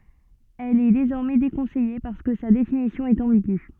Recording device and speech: soft in-ear microphone, read sentence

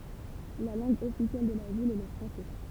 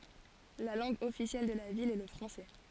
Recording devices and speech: temple vibration pickup, forehead accelerometer, read sentence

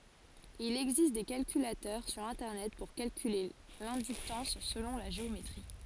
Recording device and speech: forehead accelerometer, read sentence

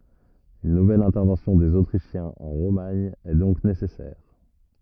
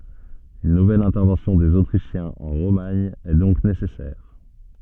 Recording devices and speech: rigid in-ear microphone, soft in-ear microphone, read sentence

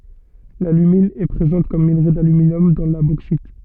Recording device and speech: soft in-ear microphone, read sentence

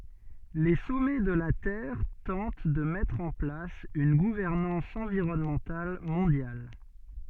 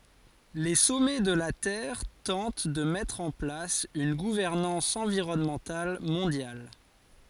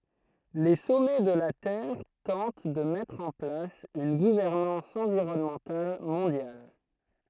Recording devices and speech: soft in-ear microphone, forehead accelerometer, throat microphone, read sentence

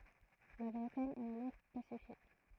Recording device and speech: throat microphone, read sentence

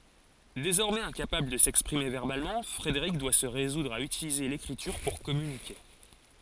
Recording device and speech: forehead accelerometer, read sentence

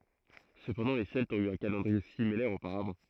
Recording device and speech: throat microphone, read sentence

